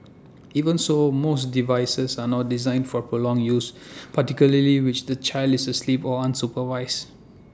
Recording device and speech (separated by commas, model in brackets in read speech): standing microphone (AKG C214), read sentence